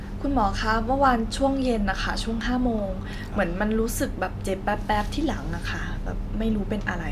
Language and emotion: Thai, neutral